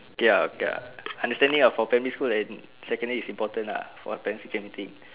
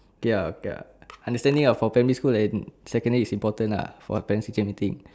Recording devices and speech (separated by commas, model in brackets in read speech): telephone, standing microphone, conversation in separate rooms